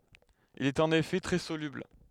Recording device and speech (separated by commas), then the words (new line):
headset microphone, read sentence
Il y est en effet très soluble.